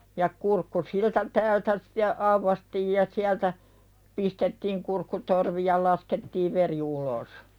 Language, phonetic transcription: Finnish, ja 'kurkku "siltä täältä (ste) , 'auvastiij ja siältä , 'pistettiiŋ kurkkutorvi ja 'laskettiiv "veri ulos .
- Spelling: ja kurkku siltä täältä sitten aukaistiin ja sieltä pistettiin kurkkutorvi ja laskettiin veri ulos

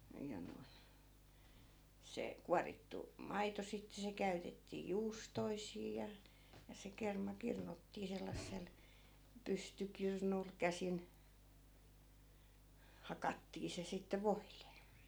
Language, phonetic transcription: Finnish, ja noi̮n̬ , 'se , 'kuarittu , "maito sitte 'se käytettii "juustoisii ja , ja se 'kerma 'kirnuttii 'sellassel , "pystykirnul , 'käsin , "hakattii se sitte 'voilE .
- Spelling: ja noin se kuorittu maito sitten se käytettiin juustoihin ja ja se kerma kirnuttiin sellaisella pystykirnulla käsin hakattiin se sitten voille

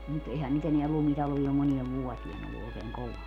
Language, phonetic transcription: Finnish, mut 'ehän nyt ‿eneä 'lumtalvii om 'moniev "vuotien ‿ollu òekeeŋ "kovaa .
- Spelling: mutta eihän nyt enää lumitalvea ole moneen vuoteen ollut oikein kovaa

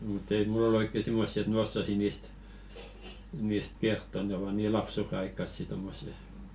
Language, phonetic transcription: Finnish, mu't ‿ei "mull ‿ol ‿oikke 'simmossi et "m ‿ossasi 'niist , niist "kertto ne ova 'nii "lapsure₍aikkassi 'tommose , sit et ᴍᴀ̈ᴀ̈ tɪᴀ̈ ɴɪst ᴏɪk[kᴇ] .
- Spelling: mutta ei minulla ole oikein semmoisia että minä osaisin niistä niistä kertoa ne ovat niin lapsuudenaikaisia tuommoiset sitten että minä tiedä niistä oikein

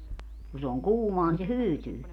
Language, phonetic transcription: Finnish, ku se oŋ "kuumoa ni se "hyytyy .
- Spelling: kun se on kuumaa niin se hyytyy

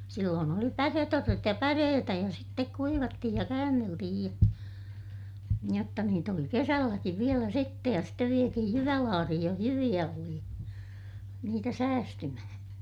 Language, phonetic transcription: Finnish, silloon ‿oli päret₍orret ja päreetä ja sittek kuivattihij ja käänneltihij ja , jotta niit ‿oli kesälläkiv vielä sittej ja stev vietihij jyvälaarihij joh jyviʲä oli , niitä säästymähää̰ .
- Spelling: silloin oli päreorret ja päreitä ja sitten kuivattiin ja käänneltiin ja jotta niitä oli kesälläkin vielä sitten ja sitten vietiin jyvälaariin jos jyviä oli niitä säästymään

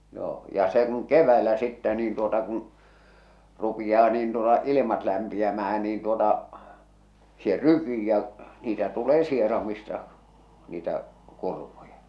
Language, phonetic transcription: Finnish, joo , ja se kun "kev̆väelä sittä niin tuota kun , rupijaa niin tuota 'ilimat lämpiämähän niin tuota , se "rykii ja 'niitä tulee 'sieramista niitä , 'kurmuja .
- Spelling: joo ja se kun keväällä sitten niin tuota kun rupeaa niin tuota ilmat lämpiämään niin tuota se rykii ja niitä tulee sieraimista niitä kurmuja

